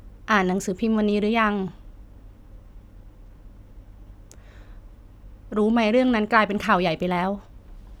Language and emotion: Thai, sad